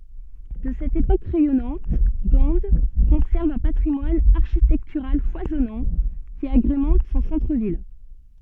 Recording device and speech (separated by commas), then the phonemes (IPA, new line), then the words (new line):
soft in-ear microphone, read sentence
də sɛt epok ʁɛjɔnɑ̃t ɡɑ̃ kɔ̃sɛʁv œ̃ patʁimwan aʁʃitɛktyʁal fwazɔnɑ̃ ki aɡʁemɑ̃t sɔ̃ sɑ̃tʁ vil
De cette époque rayonnante, Gand conserve un patrimoine architectural foisonnant qui agrémente son centre-ville.